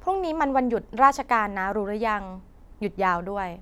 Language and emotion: Thai, neutral